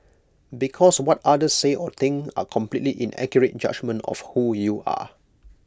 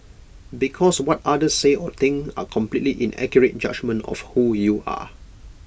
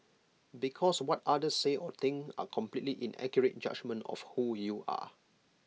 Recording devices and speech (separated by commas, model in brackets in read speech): close-talking microphone (WH20), boundary microphone (BM630), mobile phone (iPhone 6), read sentence